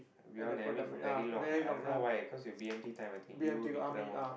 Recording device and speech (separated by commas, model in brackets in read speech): boundary microphone, conversation in the same room